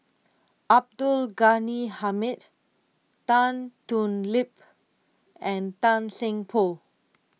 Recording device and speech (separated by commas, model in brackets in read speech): mobile phone (iPhone 6), read sentence